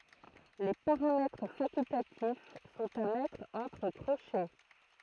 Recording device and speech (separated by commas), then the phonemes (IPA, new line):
throat microphone, read sentence
le paʁamɛtʁ fakyltatif sɔ̃t a mɛtʁ ɑ̃tʁ kʁoʃɛ